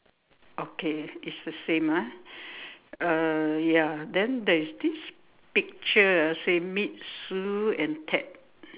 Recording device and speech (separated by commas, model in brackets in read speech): telephone, conversation in separate rooms